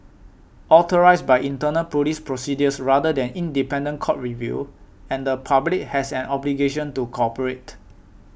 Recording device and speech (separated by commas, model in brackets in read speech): boundary microphone (BM630), read sentence